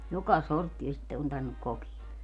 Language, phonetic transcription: Finnish, 'joka 'sorttie sitte on tar(vin)nuk 'kok(ie) .
- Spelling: joka sorttia sitten on tarvinnut kokea

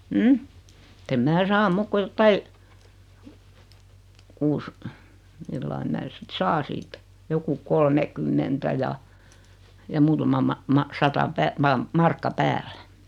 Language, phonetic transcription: Finnish, [e]'t ‿em "mää 'saa 'muk ku 'jottai , 'kuus , 'millai mää sit 'saa siitä , joku 'kolmekymmentä ja , ja 'muutama ma- ma- 'sata 'pää- ma- , 'markka "päällᴀ̈ .
- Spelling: että en minä saa muuta kuin jotakin kuusi millä lailla minä sitten saan siitä joku kolmekymmentä ja ja muutama - - sata - - markka päälle

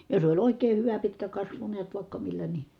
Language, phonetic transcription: Finnish, jos oĺ òik̆kee(h) hyvä pitkä kasvu neät vài̮kka millä ni ,.
- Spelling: jos oli oikein hyvä pitkä kasvu näet vaikka millä niin

